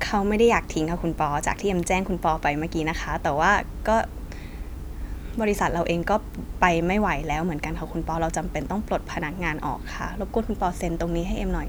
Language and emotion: Thai, sad